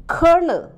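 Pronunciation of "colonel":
'Colonel' is pronounced correctly here. It sounds the same as 'kernel'.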